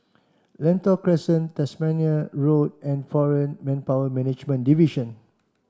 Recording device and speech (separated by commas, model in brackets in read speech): standing microphone (AKG C214), read sentence